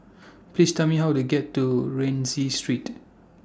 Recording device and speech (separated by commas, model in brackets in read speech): standing microphone (AKG C214), read sentence